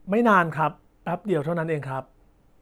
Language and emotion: Thai, neutral